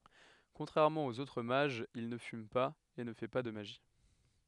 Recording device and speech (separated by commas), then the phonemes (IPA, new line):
headset microphone, read sentence
kɔ̃tʁɛʁmɑ̃ oz otʁ maʒz il nə fym paz e nə fɛ pa də maʒi